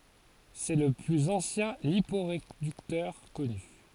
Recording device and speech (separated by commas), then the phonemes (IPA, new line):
forehead accelerometer, read sentence
sɛ lə plyz ɑ̃sjɛ̃ lipoʁedyktœʁ kɔny